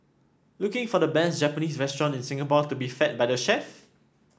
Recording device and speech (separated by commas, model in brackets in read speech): standing microphone (AKG C214), read sentence